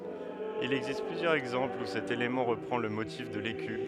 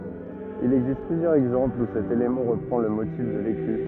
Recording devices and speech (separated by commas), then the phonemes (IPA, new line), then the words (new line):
headset microphone, rigid in-ear microphone, read sentence
il ɛɡzist plyzjœʁz ɛɡzɑ̃plz u sɛt elemɑ̃ ʁəpʁɑ̃ lə motif də leky
Il existe plusieurs exemples où cet élément reprend le motif de l'écu.